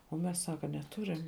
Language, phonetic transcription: Lithuanian, o ˈmes ˈsaka neˈturim

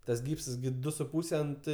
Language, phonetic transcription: Lithuanian, ˈtas ˈgypsas gi ˈdu su ˈpūse ˈant

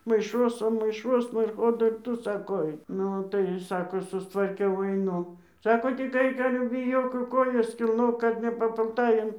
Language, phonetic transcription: Lithuanian, maiˈšuosan maiˈšuosna ir ˈko dar ˈtu ˈsako ˈaik ˈnu tai ˈsako sustvarˈkiau aiˈnu ˈsako tik ˈaik ˈale biˈjok jau ˈkojas kilˈnok ˈkad nepapulˈtai an

